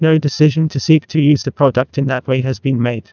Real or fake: fake